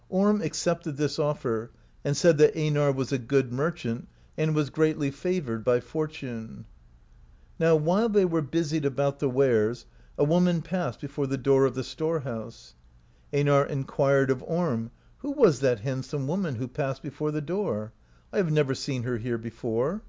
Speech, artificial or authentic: authentic